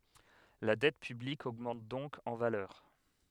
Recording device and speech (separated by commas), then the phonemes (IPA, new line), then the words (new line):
headset microphone, read sentence
la dɛt pyblik oɡmɑ̃t dɔ̃k ɑ̃ valœʁ
La dette publique augmente donc en valeur.